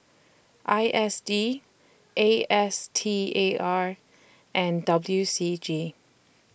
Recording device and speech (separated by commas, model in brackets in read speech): boundary microphone (BM630), read sentence